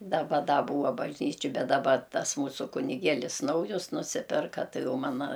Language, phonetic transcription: Lithuanian, daˈba ˈda ˈbūa bažˈnyčio ˈbet daˈba ˈtas ˈmūsu kuniˈgėlis ˈnaujus nuˈsipirka ˈtai ˈjau maˈna

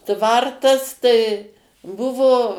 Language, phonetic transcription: Lithuanian, ˈtvartas tai ˈbuvo

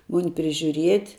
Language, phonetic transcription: Lithuanian, ˈmuni prižiuˈriet'

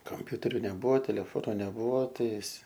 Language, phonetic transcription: Lithuanian, kamˈpiuteriu neˈbuvo teleˈfonu neˈbuvo ˈtais

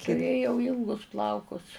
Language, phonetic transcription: Lithuanian, tuˈrėjau ˈylgus ˈplaukus

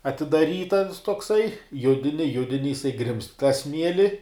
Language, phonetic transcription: Lithuanian, atidaˈryt ans tokˈsai ˈjudini ˈjudini jiˈsai grimzt tą ˈsmieli

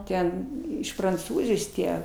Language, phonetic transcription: Lithuanian, ˈten iš pranˈcūzijos ˈtie

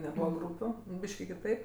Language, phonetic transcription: Lithuanian, neˈbūva ˈgrūpiu ˈbyški kiˈtaip

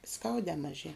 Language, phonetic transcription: Lithuanian, ˈskaudē maˈžie

